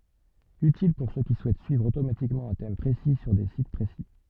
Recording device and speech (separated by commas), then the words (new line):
soft in-ear microphone, read sentence
Utile pour ceux qui souhaitent suivre automatiquement un thème précis sur des sites précis.